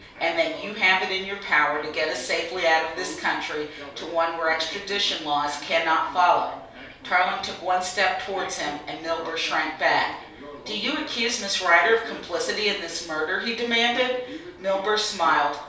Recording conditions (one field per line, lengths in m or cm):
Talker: one person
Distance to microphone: 3.0 m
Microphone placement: far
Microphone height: 1.8 m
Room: small (3.7 m by 2.7 m)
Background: television